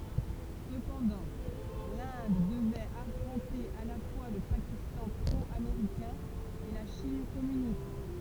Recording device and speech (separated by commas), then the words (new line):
temple vibration pickup, read sentence
Cependant, l'Inde devait affronter à la fois le Pakistan pro-américain et la Chine communiste.